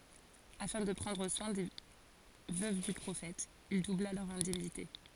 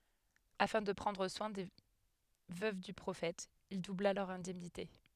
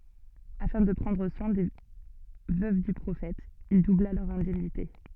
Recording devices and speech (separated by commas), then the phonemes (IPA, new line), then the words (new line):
forehead accelerometer, headset microphone, soft in-ear microphone, read sentence
afɛ̃ də pʁɑ̃dʁ swɛ̃ de vøv dy pʁofɛt il dubla lœʁz ɛ̃dɛmnite
Afin de prendre soin des veuves du prophète, il doubla leurs indemnités.